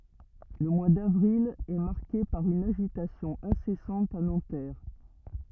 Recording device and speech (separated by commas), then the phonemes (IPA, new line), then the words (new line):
rigid in-ear microphone, read sentence
lə mwa davʁil ɛ maʁke paʁ yn aʒitasjɔ̃ ɛ̃sɛsɑ̃t a nɑ̃tɛʁ
Le mois d'avril est marqué par une agitation incessante à Nanterre.